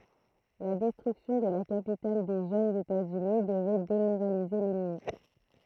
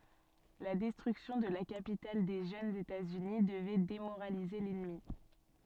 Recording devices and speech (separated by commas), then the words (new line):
throat microphone, soft in-ear microphone, read sentence
La destruction de la capitale des jeunes États-Unis devait démoraliser l'ennemi.